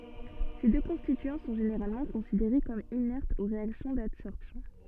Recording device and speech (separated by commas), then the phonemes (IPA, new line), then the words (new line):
soft in-ear microphone, read sentence
se dø kɔ̃stityɑ̃ sɔ̃ ʒeneʁalmɑ̃ kɔ̃sideʁe kɔm inɛʁtz o ʁeaksjɔ̃ dadsɔʁpsjɔ̃
Ces deux constituants sont généralement considérés comme inertes aux réactions d'adsorption.